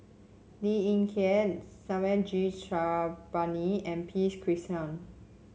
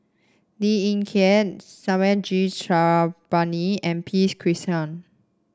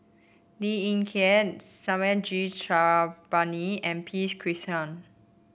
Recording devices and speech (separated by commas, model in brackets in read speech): mobile phone (Samsung C7), standing microphone (AKG C214), boundary microphone (BM630), read sentence